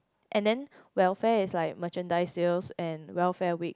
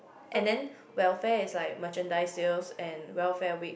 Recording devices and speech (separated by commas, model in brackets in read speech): close-talking microphone, boundary microphone, conversation in the same room